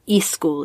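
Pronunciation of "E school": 'School' is said with an extra vowel added before the s, so it does not start directly with the s sound.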